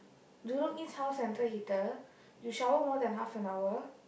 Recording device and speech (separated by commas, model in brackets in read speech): boundary microphone, conversation in the same room